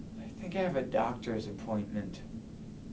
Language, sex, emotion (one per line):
English
male
neutral